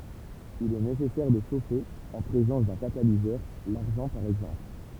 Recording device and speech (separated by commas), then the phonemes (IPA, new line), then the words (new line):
temple vibration pickup, read sentence
il ɛ nesɛsɛʁ də ʃofe ɑ̃ pʁezɑ̃s dœ̃ katalizœʁ laʁʒɑ̃ paʁ ɛɡzɑ̃pl
Il est nécessaire de chauffer en présence d'un catalyseur, l'argent par exemple.